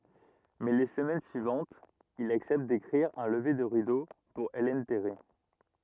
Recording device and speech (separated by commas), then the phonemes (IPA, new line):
rigid in-ear microphone, read sentence
mɛ le səmɛn syivɑ̃tz il aksɛpt dekʁiʁ œ̃ ləve də ʁido puʁ ɛlɛn tɛʁi